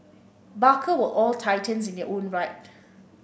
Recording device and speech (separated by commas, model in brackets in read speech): boundary microphone (BM630), read sentence